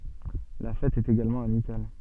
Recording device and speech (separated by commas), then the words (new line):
soft in-ear microphone, read sentence
La fête est également amicale.